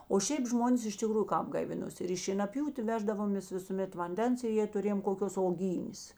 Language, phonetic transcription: Lithuanian, o šiaip ˈžmonės iš tiˈkrųju ˈkāp gaiˈvinosi ˈir į šienaˈpjūtė ˈveždavomės visuˈmet vanˈdens i jė tuˈrėjom koˈkios oˈgynės

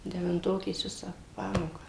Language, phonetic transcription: Lithuanian, devinˈtokės ˈvisą ˈpamoką

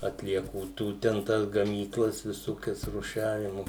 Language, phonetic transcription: Lithuanian, atlieˈkų ˈtų ten ˈtas gamyˈklas viˈsokias ruˈšiavimu

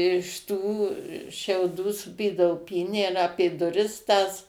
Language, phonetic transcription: Lithuanian, iš ˈtų šiauˈdų suˈpydavo ˈpynę ir ˈapė duˈris tas

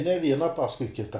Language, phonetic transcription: Lithuanian, ne ˈviena ˈpaskui ˈkita

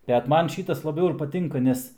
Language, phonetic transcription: Lithuanian, bet ˈman ˈšytas laˈbiau ir paˈtinka ˈnes

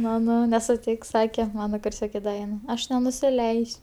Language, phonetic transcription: Lithuanian, maˈnau nesuˈtiks ˈsake ˈmana kurˈsioke ˈda vien aš nenusiˈleis'

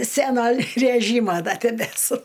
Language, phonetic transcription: Lithuanian, ˈsæno ræˈžymo da tebeˈsu

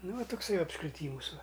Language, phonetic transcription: Lithuanian, ˈnu va tukˈsai apskriˈtymus va

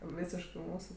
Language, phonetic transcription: Lithuanian, ˈvysiškɜ ˈmūsu

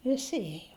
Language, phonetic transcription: Lithuanian, viˈsi ˈėjo

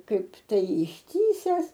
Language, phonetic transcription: Lithuanian, ˈkaip ˈtai išˈtįses

